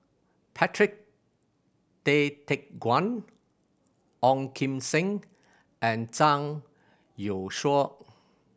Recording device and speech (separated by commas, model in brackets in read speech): boundary microphone (BM630), read sentence